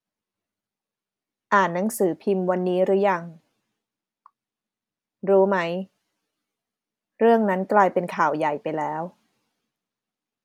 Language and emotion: Thai, neutral